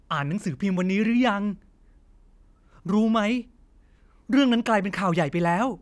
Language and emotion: Thai, frustrated